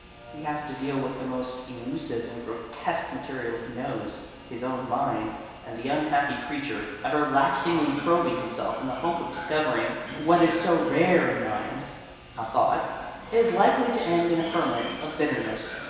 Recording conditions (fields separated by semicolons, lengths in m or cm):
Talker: one person; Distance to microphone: 1.7 m; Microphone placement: close; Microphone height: 1.0 m; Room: very reverberant, large; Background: television